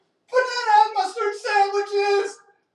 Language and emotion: English, fearful